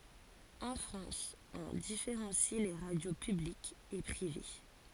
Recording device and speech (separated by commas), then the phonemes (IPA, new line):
forehead accelerometer, read sentence
ɑ̃ fʁɑ̃s ɔ̃ difeʁɑ̃si le ʁadjo pyblikz e pʁive